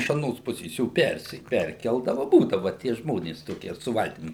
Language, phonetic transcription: Lithuanian, iš aˈnos ˈpusės ˈjo ˈpersi ˈperkeldava ˈbūdava tie ˈžmonės ˈtokie su ˈvaltim

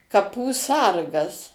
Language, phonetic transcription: Lithuanian, kaˈpų ˈsargas

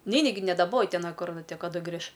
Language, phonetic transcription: Lithuanian, ˈneini gi nedaˈboji ˈten ˈkur kaˈdu ˈgriš

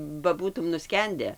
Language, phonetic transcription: Lithuanian, ba ˈbūtum nuˈskende

